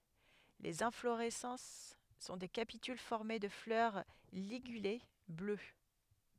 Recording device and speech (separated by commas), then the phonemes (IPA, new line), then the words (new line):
headset microphone, read sentence
lez ɛ̃floʁɛsɑ̃s sɔ̃ de kapityl fɔʁme də flœʁ liɡyle blø
Les inflorescences sont des capitules formées de fleurs ligulées, bleues.